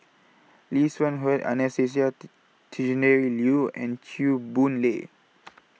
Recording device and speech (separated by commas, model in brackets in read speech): mobile phone (iPhone 6), read sentence